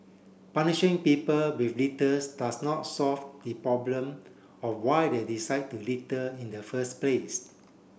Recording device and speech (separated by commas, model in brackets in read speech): boundary microphone (BM630), read sentence